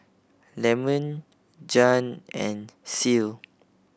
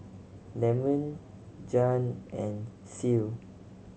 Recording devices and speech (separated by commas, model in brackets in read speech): boundary microphone (BM630), mobile phone (Samsung C7100), read sentence